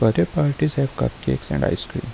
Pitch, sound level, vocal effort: 110 Hz, 74 dB SPL, soft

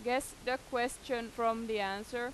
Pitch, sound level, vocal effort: 240 Hz, 90 dB SPL, loud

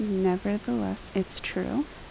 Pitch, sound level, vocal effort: 205 Hz, 72 dB SPL, soft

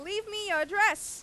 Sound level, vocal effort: 101 dB SPL, very loud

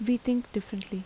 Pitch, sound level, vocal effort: 215 Hz, 80 dB SPL, soft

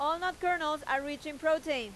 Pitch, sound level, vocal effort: 305 Hz, 97 dB SPL, very loud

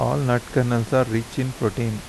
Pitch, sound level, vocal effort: 120 Hz, 81 dB SPL, soft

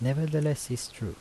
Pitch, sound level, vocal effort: 130 Hz, 78 dB SPL, soft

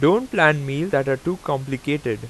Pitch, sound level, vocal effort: 145 Hz, 90 dB SPL, loud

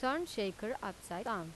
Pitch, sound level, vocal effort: 210 Hz, 87 dB SPL, normal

